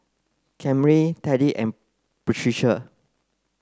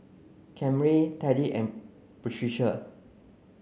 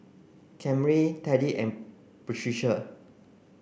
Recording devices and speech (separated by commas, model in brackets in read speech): close-talking microphone (WH30), mobile phone (Samsung C9), boundary microphone (BM630), read sentence